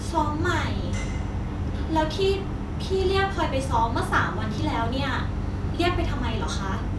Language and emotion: Thai, frustrated